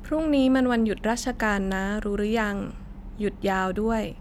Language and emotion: Thai, neutral